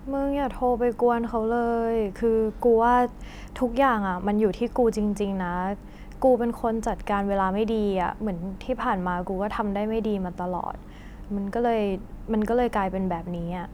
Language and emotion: Thai, sad